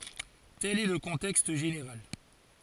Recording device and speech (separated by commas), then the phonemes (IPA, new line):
forehead accelerometer, read sentence
tɛl ɛ lə kɔ̃tɛkst ʒeneʁal